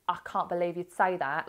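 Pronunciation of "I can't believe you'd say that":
'I can't believe you'd say that' is said in a Cockney accent.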